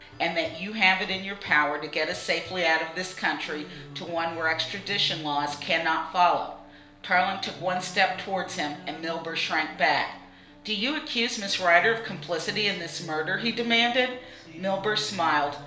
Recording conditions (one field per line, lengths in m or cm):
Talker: one person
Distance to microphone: 1.0 m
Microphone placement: close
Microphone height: 1.1 m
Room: small (3.7 m by 2.7 m)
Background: music